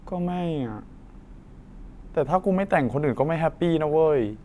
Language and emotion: Thai, frustrated